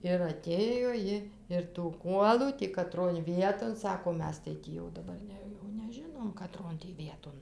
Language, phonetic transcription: Lithuanian, ir ˈatėjo ˈji ir tų ˈkuolų tį kaˈtron ˈvieton ˈsako ˈmes tai ˈtį jau daˈbar ne jau neˈžinom kaˈtron tį ˈvieton

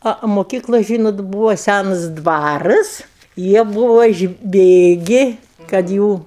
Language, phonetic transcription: Lithuanian, ˈa o moˈkyklu ˈžynot ˈbūvo ˈsænas ˈdvarɨs ˈjie ˈbuvo išˈbėgi kad ˈjų

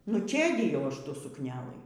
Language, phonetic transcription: Lithuanian, nu ˈčėdijau ˈaš ˈtų sukˈnelɨ

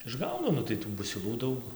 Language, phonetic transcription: Lithuanian, išˈgaudo nu tai ˈtų busiˈlų ˈdaug

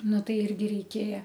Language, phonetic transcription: Lithuanian, ˈnu ˈtai ˈirgi reiˈkėja

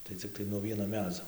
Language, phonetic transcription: Lithuanian, tai cikˈtai nuo ˈvieno ˈmedzo

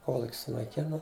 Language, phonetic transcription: Lithuanian, ˈkoluk' sunaiˈkina

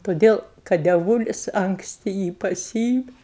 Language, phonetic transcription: Lithuanian, toˈdėl kad deˈvūlis ankˈsti ˈjį paˈsyimi

